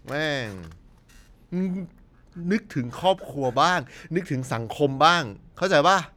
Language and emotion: Thai, frustrated